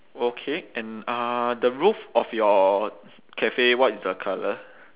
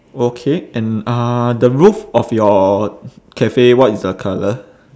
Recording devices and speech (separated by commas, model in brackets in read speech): telephone, standing microphone, conversation in separate rooms